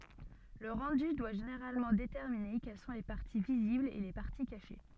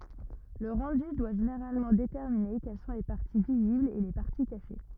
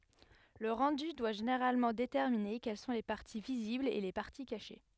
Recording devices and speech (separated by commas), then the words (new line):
soft in-ear microphone, rigid in-ear microphone, headset microphone, read sentence
Le rendu doit généralement déterminer quelles sont les parties visibles et les parties cachées.